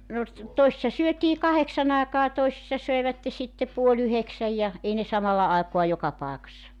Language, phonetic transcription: Finnish, no s- , 'toisⁱssa 'syötii "kaheksan ‿aekaa 'toesissa 'söevätte sitte puo''l ‿yheksäj ja , 'ei ne "samalla 'àekoa 'joka 'pàekassa .
- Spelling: no - toisissa syötiin kahdeksan aikaan toisissa söivät sitten puoli yhdeksän ja ei ne samalla aikaa joka paikassa

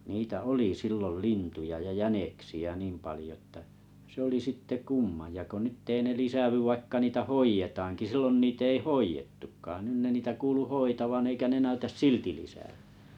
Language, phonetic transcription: Finnish, niitä "oli 'sillol "lintuja ja "jäneksi₍ä 'niim palⁱjo ᵊttä , se oli 'sitte "kumma ja ko 'nytt ‿ei ne 'lisävyv 'vaikka 'niitä "hoijetaaŋki 'sillon 'niit ‿ei "hoijettukkaan nyn ne niitä 'kuulu "hoitavan 'eikä 'ne 'näytäs "silti lisä₍ʏᴀ̈ .
- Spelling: niitä oli silloin lintuja ja jäniksiä niin paljon että se oli sitten kumma ja kun nyt ei ne lisäänny vaikka niitä hoidetaankin silloin niitä ei hoidettukaan nyt ne niitä kuului hoitavan eikä ne näytä silti lisääntyvän

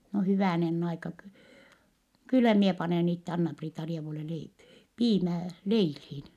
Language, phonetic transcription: Finnish, » no hyvä̀nenn ‿aika ky- , kyllä mie panèn itte Anna-Priita-rievule lei- , piimää , leilhiin . »
- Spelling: no hyvänen aika - kyllä minä panen itse Anna-Priita-rievule - piimää leiliin

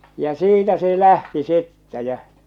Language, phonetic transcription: Finnish, ja "siitä se "lähti 'sittä jä .
- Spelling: ja siitä se lähti sitten ja

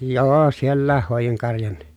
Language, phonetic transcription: Finnish, joo siellääh hòejiŋ karjan(ni) .
- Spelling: joo sielläkin hoidin karjankin

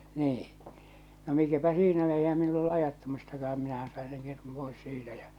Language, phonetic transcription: Finnish, 'nii , no mikäpä "siinä eihä meil ‿ollu 'ajattamistakaʰam minähän̬ sain̬ seŋ ketum 'pois 'siitä jä͔ .
- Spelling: niin no mikäpä siinä eihän meillä ollut ajattamistakaan minähän sain sen ketun pois siitä ja

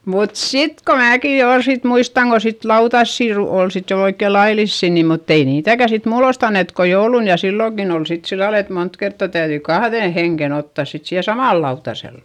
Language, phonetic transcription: Finnish, mut sit ko määki jo ol sit muistaŋ ko sit lautassi ru- ol sit jo oikke lailissì ni mutt ‿ei niitäkä sit muulost ‿annet ko joulun ja silloŋkin ‿ol sit sillal ‿et mont kertta täyδyi kahδèn heŋken ‿ottàs sit siihe samàl lautasel .
- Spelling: mutta sitten kun minäkin jo oli sitten muistan kun sitten lautasia - oli sitten jo oikein laillisia niin mutta ei niitäkään sitten muulloin annettu kuin jouluna ja silloinkin oli sitten sillä lailla että monta kertaa täytyi kahden hengen ottaa sitten siihen samalle lautaselle

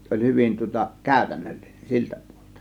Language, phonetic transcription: Finnish, 'se oĺ 'hyvin tŭŏta , "kä̀ö̀tännöllINEN 'siltÄ pUOLELtA .
- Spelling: se oli hyvin tuota käytännöllinen siltä puolelta

